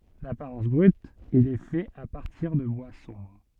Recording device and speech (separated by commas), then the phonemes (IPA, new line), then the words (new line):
soft in-ear microphone, read sentence
dapaʁɑ̃s bʁyt il ɛ fɛt a paʁtiʁ də bwa sɔ̃bʁ
D'apparence brute, il est fait à partir de bois sombre.